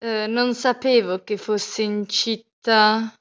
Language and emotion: Italian, disgusted